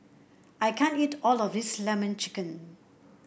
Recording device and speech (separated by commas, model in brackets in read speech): boundary microphone (BM630), read sentence